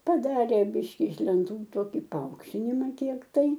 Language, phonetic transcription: Lithuanian, paˈdarė ˈbiški iš lenˈtų ˈtoki paˈaukštinima ˈkiek tai

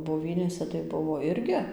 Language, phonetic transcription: Lithuanian, boˈvynėse tai ˈbuvo ˈirgi

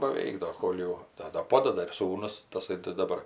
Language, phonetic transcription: Lithuanian, baˈveik ˈdo ˈkol jau ˈda da ˈpodada ir ˈsūnus taˈsai tai daˈbar

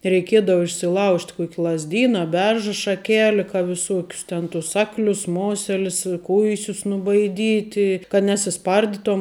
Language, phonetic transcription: Lithuanian, reiˈkiedava išsiˈlaužt' ˈkuok' lazˈdyna a ˈberža šaˈkeli ka viˈsokius ˈten tus ˈaklius ˈmoselis i ˈkuisius nubaiˈdyti kad nesiˈsparditom

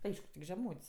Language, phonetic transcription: Lithuanian, ˈaišku tik žeˈmūt's'

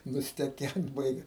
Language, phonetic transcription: Lithuanian, nusteˈkent ˈbaigia

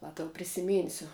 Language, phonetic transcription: Lithuanian, ˈva tau prisiˈmynsiu

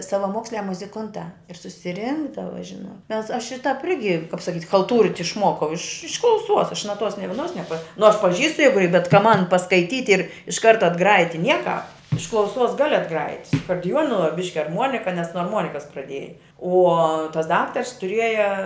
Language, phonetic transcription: Lithuanian, savaˈmoksliā muziˈkuntā ir susiˈrinkdava ˈžinot ˈmes ˈaš ir tāp ˈirgi kap saˈkyt' chalˈtūrit' išˈmuokau iš iš klauˈsuos aš naˈtuos ni vieˈnos neˈpa nu aš paˈžįstu ˈjegu i bet ka ˈman paskaiˈtyt' ir' iš ˈkarta atˈgrajit' ti ˈniekāp iš klauˈsuos ˈgali atˈgrajit' su akordiˈjuonu va ˈbiški arˈmuonika nes nuo arˈmuonikas praˈdieja uo tas ˈdaktars tuˈrieja

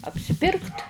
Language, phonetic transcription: Lithuanian, apsiˈpirkt

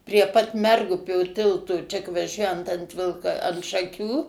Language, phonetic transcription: Lithuanian, prie pat ˈmergupio ˈtilto čia k vaˈžiuojant ant ˈvilka ant šaˈkių

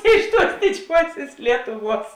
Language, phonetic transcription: Lithuanian, ˈiš ˌtuos diˈdžiuosės ˈlietuˌvuos

